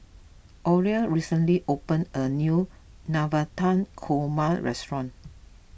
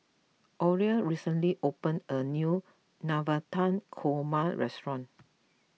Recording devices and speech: boundary microphone (BM630), mobile phone (iPhone 6), read sentence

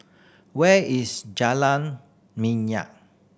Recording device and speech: boundary microphone (BM630), read sentence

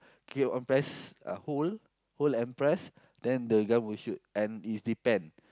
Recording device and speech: close-talking microphone, conversation in the same room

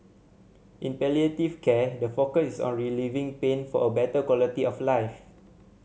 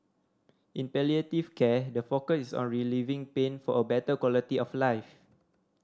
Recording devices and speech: mobile phone (Samsung C7100), standing microphone (AKG C214), read sentence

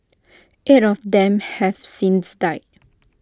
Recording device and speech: standing microphone (AKG C214), read sentence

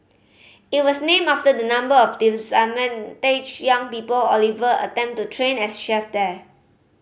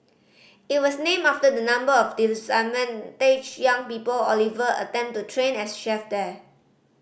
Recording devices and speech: mobile phone (Samsung C5010), boundary microphone (BM630), read sentence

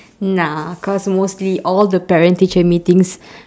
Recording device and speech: standing microphone, conversation in separate rooms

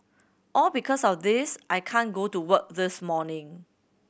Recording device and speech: boundary microphone (BM630), read sentence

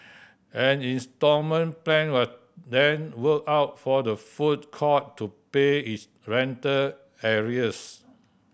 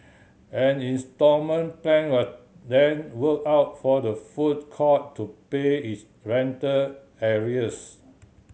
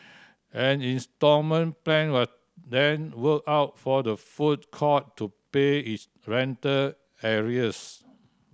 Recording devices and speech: boundary microphone (BM630), mobile phone (Samsung C7100), standing microphone (AKG C214), read sentence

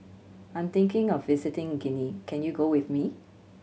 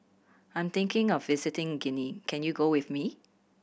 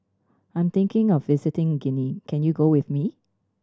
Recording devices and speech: mobile phone (Samsung C7100), boundary microphone (BM630), standing microphone (AKG C214), read sentence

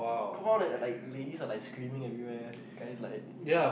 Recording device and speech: boundary microphone, conversation in the same room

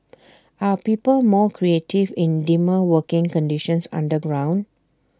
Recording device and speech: standing microphone (AKG C214), read sentence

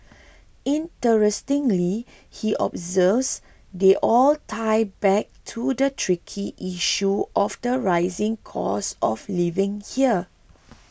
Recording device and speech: boundary microphone (BM630), read sentence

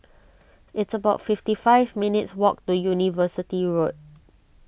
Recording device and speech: boundary microphone (BM630), read sentence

